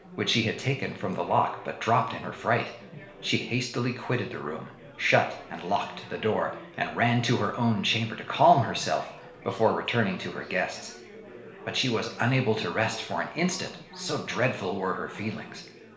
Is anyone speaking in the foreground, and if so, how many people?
One person.